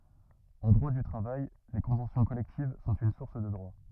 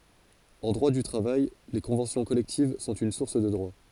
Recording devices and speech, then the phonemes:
rigid in-ear microphone, forehead accelerometer, read sentence
ɑ̃ dʁwa dy tʁavaj le kɔ̃vɑ̃sjɔ̃ kɔlɛktiv sɔ̃t yn suʁs də dʁwa

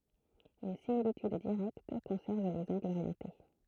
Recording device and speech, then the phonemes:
throat microphone, read sentence
yn similityd diʁɛkt kɔ̃sɛʁv lez ɑ̃ɡlz oʁjɑ̃te

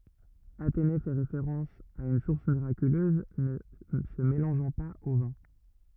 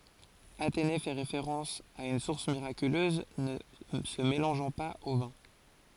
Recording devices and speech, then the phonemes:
rigid in-ear microphone, forehead accelerometer, read sentence
atene fɛ ʁefeʁɑ̃s a yn suʁs miʁakyløz nə sə melɑ̃ʒɑ̃ paz o vɛ̃

